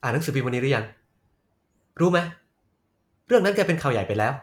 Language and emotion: Thai, frustrated